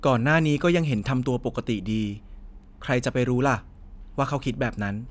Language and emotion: Thai, neutral